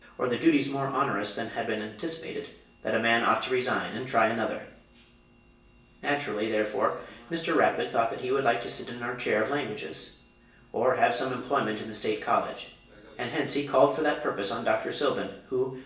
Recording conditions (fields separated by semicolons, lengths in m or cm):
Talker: one person; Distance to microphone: 1.8 m; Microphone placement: close; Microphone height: 1.0 m; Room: large; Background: television